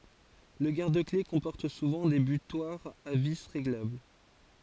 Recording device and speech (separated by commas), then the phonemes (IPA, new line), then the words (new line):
forehead accelerometer, read sentence
lə ɡaʁdəkle kɔ̃pɔʁt suvɑ̃ de bytwaʁz a vi ʁeɡlabl
Le garde-clés comporte souvent des butoirs à vis réglables.